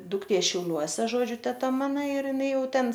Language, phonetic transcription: Lithuanian, dukˈtė šiauˈliuose ˈžodžiu teˈta ˈmana ir jiˈnai ˈjau ˈten

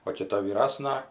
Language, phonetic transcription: Lithuanian, o kiˈta vyˈrasna

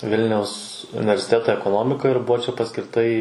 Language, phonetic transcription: Lithuanian, ˈvilniaus universiˈteta ekoˈnomika ir ˈbuvo ˈčia paskirˈta į

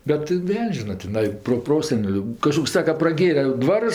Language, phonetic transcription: Lithuanian, bet ˈveln's' ˈžina tiˈnai proˈproseneliu kaˈžkoks ˈsaka praˈgėre ˈdvarus

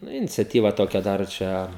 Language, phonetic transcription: Lithuanian, ˈnu iniciaˈtyva ˈtokia ˈdar ˈčia

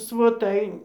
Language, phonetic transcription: Lithuanian, svoˈtai

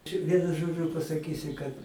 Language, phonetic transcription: Lithuanian, čia ˈvienu ˈžodžiu pasaˈkysi kad

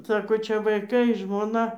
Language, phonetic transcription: Lithuanian, ˈsako ˈčia vaiˈkai žmoˈna

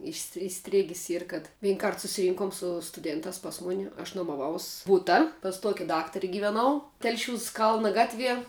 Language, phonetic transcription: Lithuanian, išs iˈstrėgis ˈyr kad ˈvynˌˈkart susiˈrynkum su stuˈdėntās pas ˈmuni aš nuomaˈvaus ˈbuta pas ˈtuoki ˈdaktari giveˈnau ˈtelšiūs ˈkalna ˈgatˌvie

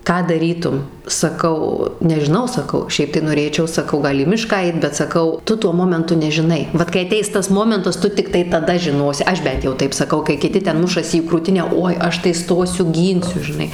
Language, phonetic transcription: Lithuanian, ˈką daˈrytum saˈkau nežiˈnau saˈkau ˈšiaip tai noˈrėčiau saˈkau ˈgal į ˈmišką ˈait bet saˈkau ˈtu ˈtuo ˈmomentu nežiˈnai ˈvat kai aˈteis ˈtas ˈmomentas ˈtu tikˈtai taˈda žiˈnosi ˈaš ˈbent jau ˈtaip saˈkau kai kiˈti ˈten ˈmušasi į krūˈtinę ˈoi ˈaš tai ˈstosiu ˈgynsiu žiˈnai

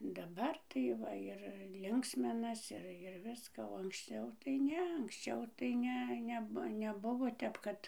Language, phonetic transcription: Lithuanian, daˈbar tai ˈva ir ˈlinksminas ir ir ˈviską o anksˈčiau tai ˈne anksˈčiau tai ˈne ˈneb neˈbuvo ˈtep kad

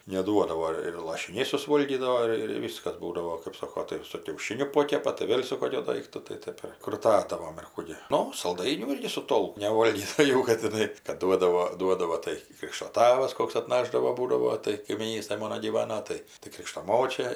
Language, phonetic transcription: Lithuanian, neˈduodavo ir lašiˈniai susˈvolgydavo ˈir ir ˈvyskas ˈbūdavo kɜp ˈsoko tai ir su kiauˈšiniu ˈpokepa tai ˈvėl' su ˈkokiu ˈdaiktu tai ˈtɜp ir kruˈtadavom ir ˈkų gi ˈnu salˈdainių ˈirgi su ˈtolk neˈvolgis tai ˈ'jau ˈkad tiˈnai kad ˈduodavo ˈduodavo tai ˈkrikšto ˈtavas ˈkoks atˈnašdavo ˈbūdavo tai kaimyˈnystaj ˈmono gyˈvano ˈtai tai ˈkrikšto ˈmočia

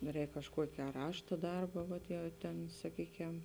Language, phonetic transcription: Lithuanian, ˈrēk kažˈkuoki a ˈrašta ˈdarba ˈvat jau ten saˈkykem

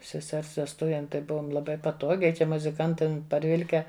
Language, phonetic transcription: Lithuanian, seˈsers vesˈtuvėm tai ˈbuvom laˈbai paˈtogiai ˈčia muziˈkantam parˈvilke

